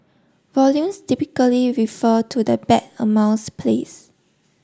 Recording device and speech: standing microphone (AKG C214), read sentence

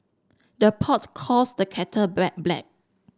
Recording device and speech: standing microphone (AKG C214), read sentence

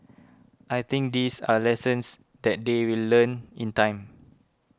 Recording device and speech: close-talking microphone (WH20), read sentence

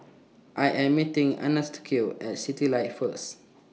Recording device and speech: mobile phone (iPhone 6), read sentence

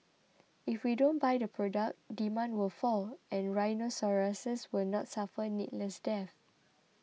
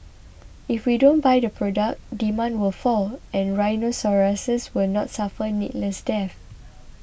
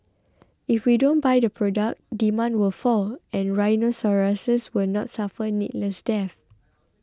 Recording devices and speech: mobile phone (iPhone 6), boundary microphone (BM630), close-talking microphone (WH20), read sentence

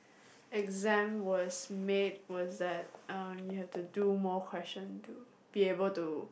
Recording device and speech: boundary microphone, conversation in the same room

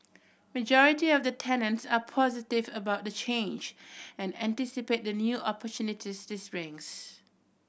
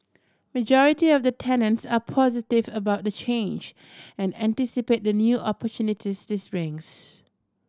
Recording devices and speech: boundary microphone (BM630), standing microphone (AKG C214), read sentence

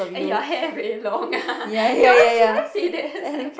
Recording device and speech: boundary microphone, conversation in the same room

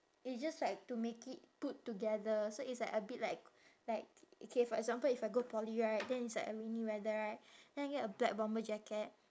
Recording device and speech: standing microphone, conversation in separate rooms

